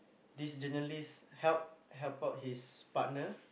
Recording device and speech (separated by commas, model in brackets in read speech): boundary microphone, conversation in the same room